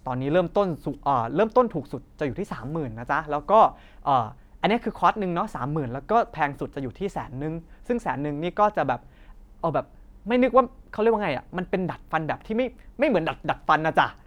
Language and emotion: Thai, happy